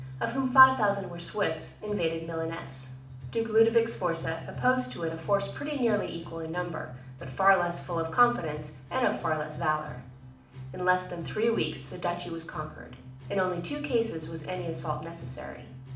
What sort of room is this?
A medium-sized room (about 5.7 m by 4.0 m).